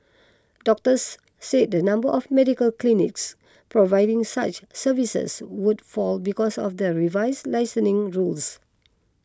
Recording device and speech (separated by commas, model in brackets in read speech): close-talking microphone (WH20), read sentence